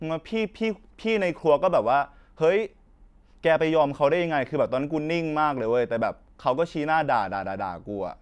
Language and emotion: Thai, frustrated